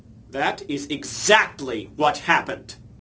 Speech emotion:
angry